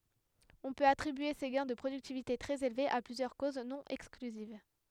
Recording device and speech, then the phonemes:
headset microphone, read sentence
ɔ̃ pøt atʁibye se ɡɛ̃ də pʁodyktivite tʁɛz elvez a plyzjœʁ koz nɔ̃ ɛksklyziv

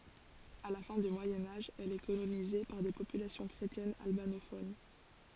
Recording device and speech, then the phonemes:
forehead accelerometer, read sentence
a la fɛ̃ dy mwajɛ̃ aʒ ɛl ɛ kolonize paʁ de popylasjɔ̃ kʁetjɛnz albanofon

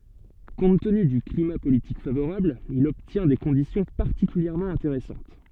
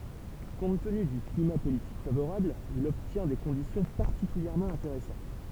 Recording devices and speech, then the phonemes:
soft in-ear microphone, temple vibration pickup, read sentence
kɔ̃t təny dy klima politik favoʁabl il ɔbtjɛ̃ de kɔ̃disjɔ̃ paʁtikyljɛʁmɑ̃ ɛ̃teʁɛsɑ̃t

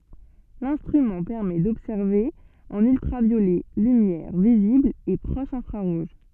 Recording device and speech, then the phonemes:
soft in-ear microphone, read sentence
lɛ̃stʁymɑ̃ pɛʁmɛ dɔbsɛʁve ɑ̃n yltʁavjolɛ lymjɛʁ vizibl e pʁɔʃ ɛ̃fʁaʁuʒ

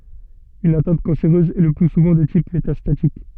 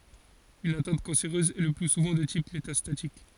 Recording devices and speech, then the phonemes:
soft in-ear microphone, forehead accelerometer, read sentence
yn atɛ̃t kɑ̃seʁøz ɛ lə ply suvɑ̃ də tip metastatik

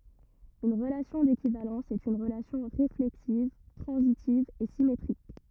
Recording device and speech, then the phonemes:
rigid in-ear microphone, read sentence
yn ʁəlasjɔ̃ dekivalɑ̃s ɛt yn ʁəlasjɔ̃ ʁeflɛksiv tʁɑ̃zitiv e simetʁik

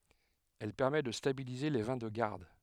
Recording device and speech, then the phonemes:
headset microphone, read sentence
ɛl pɛʁmɛ də stabilize le vɛ̃ də ɡaʁd

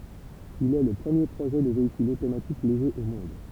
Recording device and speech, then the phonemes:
temple vibration pickup, read sentence
il ɛ lə pʁəmje pʁoʒɛ də veikyl otomatik leʒe o mɔ̃d

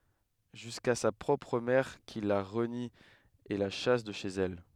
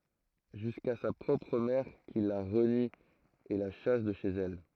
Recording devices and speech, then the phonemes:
headset microphone, throat microphone, read sentence
ʒyska sa pʁɔpʁ mɛʁ ki la ʁəni e la ʃas də ʃez ɛl

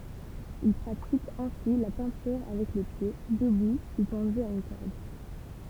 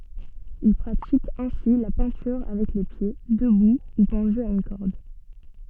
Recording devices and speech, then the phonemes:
temple vibration pickup, soft in-ear microphone, read sentence
il pʁatik ɛ̃si la pɛ̃tyʁ avɛk le pje dəbu u pɑ̃dy a yn kɔʁd

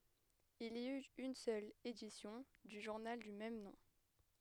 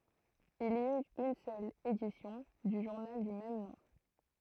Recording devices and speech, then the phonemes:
headset microphone, throat microphone, read sentence
il i yt yn sœl edisjɔ̃ dy ʒuʁnal dy mɛm nɔ̃

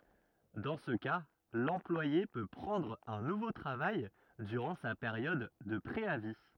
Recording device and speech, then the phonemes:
rigid in-ear microphone, read sentence
dɑ̃ sə ka lɑ̃plwaje pø pʁɑ̃dʁ œ̃ nuvo tʁavaj dyʁɑ̃ sa peʁjɔd də pʁeavi

